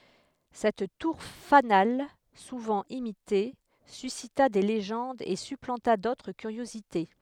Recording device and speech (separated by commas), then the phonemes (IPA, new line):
headset microphone, read sentence
sɛt tuʁ fanal suvɑ̃ imite sysita de leʒɑ̃dz e syplɑ̃ta dotʁ kyʁjozite